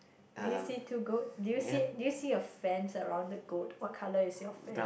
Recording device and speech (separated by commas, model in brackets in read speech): boundary microphone, conversation in the same room